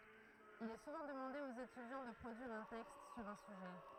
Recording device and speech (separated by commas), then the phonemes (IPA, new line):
throat microphone, read sentence
il ɛ suvɑ̃ dəmɑ̃de oz etydjɑ̃ də pʁodyiʁ œ̃ tɛkst syʁ œ̃ syʒɛ